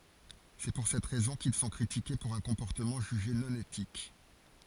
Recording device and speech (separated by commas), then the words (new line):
forehead accelerometer, read sentence
C'est pour cette raison qu'ils sont critiqués pour un comportement jugé non éthique.